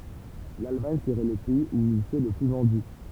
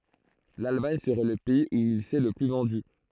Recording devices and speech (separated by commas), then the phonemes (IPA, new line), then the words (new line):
temple vibration pickup, throat microphone, read sentence
lalmaɲ səʁɛ lə pɛiz u il sɛ lə ply vɑ̃dy
L'Allemagne serait le pays où il s'est le plus vendu.